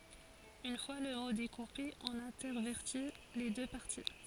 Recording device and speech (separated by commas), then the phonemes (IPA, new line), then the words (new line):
forehead accelerometer, read sentence
yn fwa lə mo dekupe ɔ̃n ɛ̃tɛʁvɛʁti le dø paʁti
Une fois le mot découpé, on intervertit les deux parties.